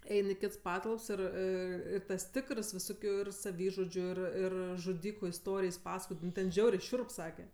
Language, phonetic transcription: Lithuanian, ˈein i ˈkits ˈpatalps ir ir ˈ ir tas ˈtikərs viˈsokiu ir saˈvyžudžiu ir ˈir žuˈdyku isˈtorijs ˈpasakoj ˈnu ten ˈžiauriai ˈšiurp ˈsake

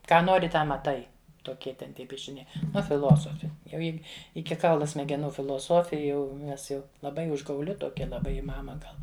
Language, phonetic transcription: Lithuanian, ˈką ˈnori ˈtą maˈtai toˈkie ten ˈtie piešiˈniai ˈnu fiˈlosofi jau ˈji ˈiki ˈkaulu smegeˈnų filoˈsofi jau ˈnes jau laˈbai užgauˈli toˈkia laˈbai i ˈmama ˈgal

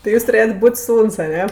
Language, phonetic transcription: Lithuanian, tai ˈjūs tuˈrėjrt' ˈbūt' ˈsūns aˈne

